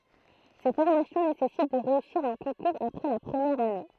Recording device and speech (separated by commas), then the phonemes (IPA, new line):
throat microphone, read sentence
se fɔʁmasjɔ̃ nesɛsit də ʁeysiʁ œ̃ kɔ̃kuʁz apʁɛ la pʁəmjɛʁ ane